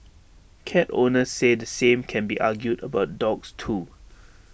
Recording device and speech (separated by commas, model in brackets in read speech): boundary microphone (BM630), read sentence